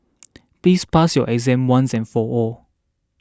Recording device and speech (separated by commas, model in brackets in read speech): standing microphone (AKG C214), read sentence